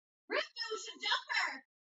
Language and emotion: English, happy